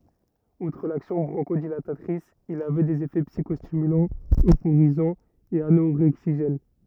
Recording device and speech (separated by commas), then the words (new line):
rigid in-ear microphone, read sentence
Outre l'action bronchodilatatrice, il avait des effets psychostimulants, euphorisants et anorexigènes.